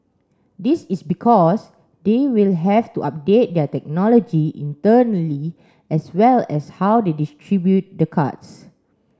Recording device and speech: standing microphone (AKG C214), read sentence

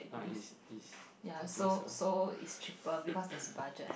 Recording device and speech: boundary microphone, conversation in the same room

